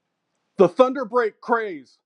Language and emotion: English, disgusted